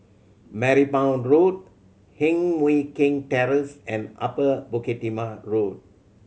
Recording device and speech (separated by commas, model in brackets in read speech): mobile phone (Samsung C7100), read sentence